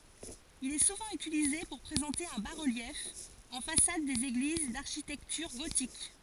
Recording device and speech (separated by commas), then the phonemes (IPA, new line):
forehead accelerometer, read sentence
il ɛ suvɑ̃ ytilize puʁ pʁezɑ̃te œ̃ ba ʁəljɛf ɑ̃ fasad dez eɡliz daʁʃitɛktyʁ ɡotik